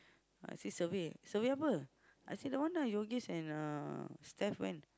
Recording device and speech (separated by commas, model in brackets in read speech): close-talking microphone, conversation in the same room